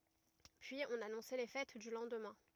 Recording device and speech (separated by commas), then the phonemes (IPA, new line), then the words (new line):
rigid in-ear microphone, read sentence
pyiz ɔ̃n anɔ̃sɛ le fɛt dy lɑ̃dmɛ̃
Puis on annonçait les fêtes du lendemain.